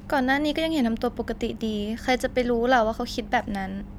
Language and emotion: Thai, neutral